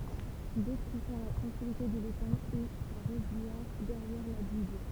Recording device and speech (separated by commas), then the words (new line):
temple vibration pickup, read sentence
D'autres préfèrent la tranquillité de l'étang et sa roselière derrière la digue.